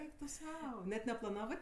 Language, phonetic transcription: Lithuanian, ˈeik tu ˈsau net neplaˈnavɜ

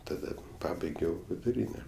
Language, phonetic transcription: Lithuanian, taˈda ˈpabaigiau viduˈryne

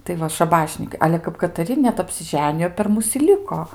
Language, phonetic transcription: Lithuanian, tai ˈva šaˈbašnykai ˈale kap kataˈri net apsiˈženijo per ˈmus i ˈliko

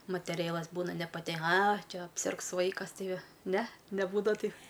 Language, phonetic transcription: Lithuanian, mateˈrėlas ˈbūna nepaˈte a ˈčia apˈsirgs ˈvaikas ˈtai ˈne neˈbūdava ˈtai

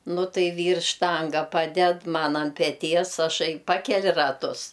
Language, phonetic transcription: Lithuanian, ˈnu ˈtai ˈvyrs ˈštanga ˈpaded ˈman ant peˈties aˈšai ˈpakeli raˈtus

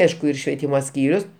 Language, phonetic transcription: Lithuanian, ˈaišku ir švieˈtymo ˈskyrius

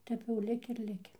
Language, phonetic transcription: Lithuanian, ˈtep jau ˈliki ir ˈliki

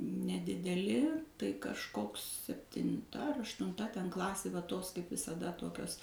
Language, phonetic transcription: Lithuanian, nedideˈli tai kažˈkoks septinˈta ar aštunˈta ten ˈklasė va ˈtos kaip visaˈda ˈtokios

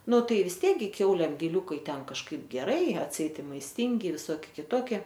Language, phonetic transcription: Lithuanian, ˈnu ˈtai vis ˈtiek ˈgi ˈkiaulėm giˈliūkai ˈten kažˈkaip geˈrai atˈseit i maisˈtingi viˈsoki kiˈtoki

